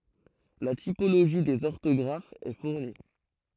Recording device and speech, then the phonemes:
throat microphone, read sentence
la tipoloʒi dez ɔʁtɔɡʁafz ɛ fuʁni

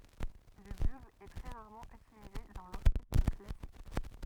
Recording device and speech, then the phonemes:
rigid in-ear microphone, read sentence
lə byɡl ɛ tʁɛ ʁaʁmɑ̃ ytilize dɑ̃ lɔʁkɛstʁ klasik

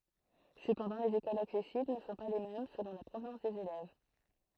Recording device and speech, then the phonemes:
throat microphone, read sentence
səpɑ̃dɑ̃ lez ekolz aksɛsibl nə sɔ̃ pa le mɛm səlɔ̃ la pʁovnɑ̃s dez elɛv

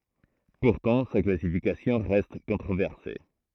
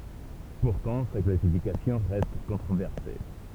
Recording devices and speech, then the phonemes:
throat microphone, temple vibration pickup, read sentence
puʁtɑ̃ sa klasifikasjɔ̃ ʁɛst kɔ̃tʁovɛʁse

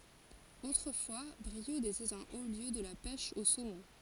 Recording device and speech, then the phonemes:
forehead accelerometer, read sentence
otʁəfwa bʁiud etɛt œ̃ o ljø də la pɛʃ o somɔ̃

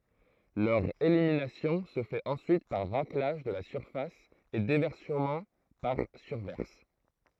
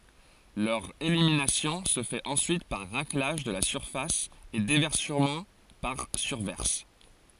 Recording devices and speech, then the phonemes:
throat microphone, forehead accelerometer, read sentence
lœʁ eliminasjɔ̃ sə fɛt ɑ̃syit paʁ ʁaklaʒ də la syʁfas e devɛʁsəmɑ̃ paʁ syʁvɛʁs

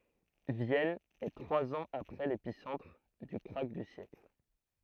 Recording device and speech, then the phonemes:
throat microphone, read sentence
vjɛn ɛ tʁwaz ɑ̃z apʁɛ lepisɑ̃tʁ dy kʁak dy sjɛkl

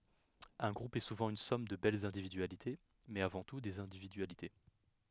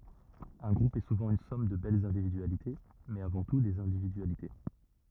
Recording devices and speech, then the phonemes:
headset microphone, rigid in-ear microphone, read sentence
œ̃ ɡʁup ɛ suvɑ̃ yn sɔm də bɛlz ɛ̃dividyalite mɛz avɑ̃ tu dez ɛ̃dividyalite

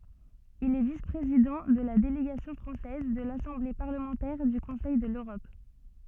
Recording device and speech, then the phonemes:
soft in-ear microphone, read sentence
il ɛ vis pʁezidɑ̃ də la deleɡasjɔ̃ fʁɑ̃sɛz də lasɑ̃ble paʁləmɑ̃tɛʁ dy kɔ̃sɛj də løʁɔp

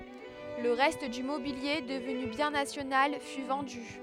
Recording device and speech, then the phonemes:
headset microphone, read sentence
lə ʁɛst dy mobilje dəvny bjɛ̃ nasjonal fy vɑ̃dy

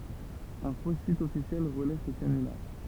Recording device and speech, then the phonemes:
temple vibration pickup, read sentence
œ̃ fo sit ɔfisjɛl ʁəlɛ sə kanylaʁ

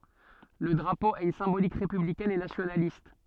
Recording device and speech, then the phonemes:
soft in-ear microphone, read sentence
lə dʁapo a yn sɛ̃bolik ʁepyblikɛn e nasjonalist

